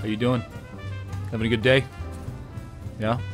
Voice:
with the voice of a rugged lumberjack